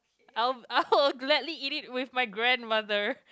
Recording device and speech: close-talking microphone, conversation in the same room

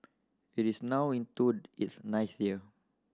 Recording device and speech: standing microphone (AKG C214), read sentence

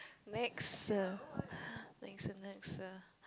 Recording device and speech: close-talking microphone, conversation in the same room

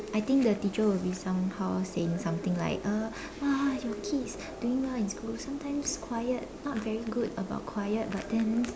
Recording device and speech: standing microphone, conversation in separate rooms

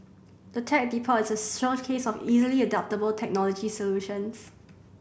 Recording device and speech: boundary microphone (BM630), read sentence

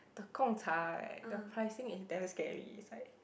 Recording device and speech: boundary microphone, conversation in the same room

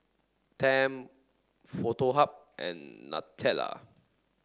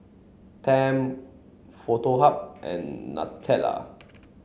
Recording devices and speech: standing microphone (AKG C214), mobile phone (Samsung C7), read sentence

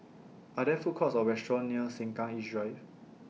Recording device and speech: mobile phone (iPhone 6), read sentence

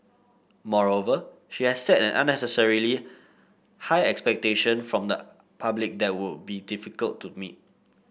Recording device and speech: boundary microphone (BM630), read sentence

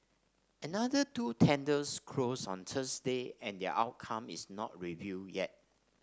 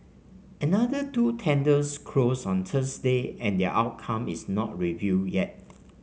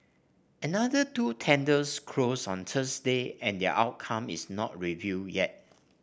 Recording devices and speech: standing microphone (AKG C214), mobile phone (Samsung C5), boundary microphone (BM630), read sentence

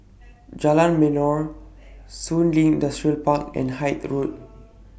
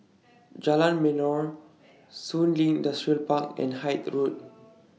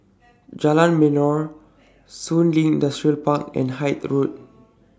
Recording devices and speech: boundary microphone (BM630), mobile phone (iPhone 6), standing microphone (AKG C214), read sentence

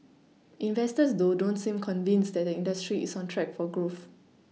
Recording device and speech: mobile phone (iPhone 6), read sentence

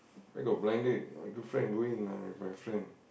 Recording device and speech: boundary microphone, conversation in the same room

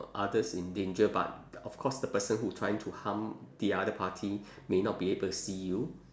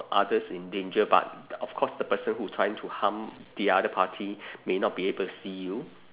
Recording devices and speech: standing microphone, telephone, conversation in separate rooms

